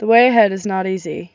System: none